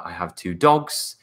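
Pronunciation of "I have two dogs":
In 'I have two dogs', the voice goes up at the end, showing the speaker has more to say.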